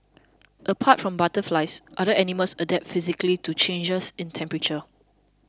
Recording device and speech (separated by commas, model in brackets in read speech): close-talking microphone (WH20), read sentence